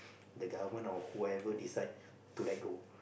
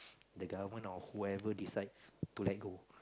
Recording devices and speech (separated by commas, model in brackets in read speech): boundary microphone, close-talking microphone, conversation in the same room